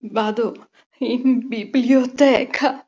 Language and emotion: Italian, fearful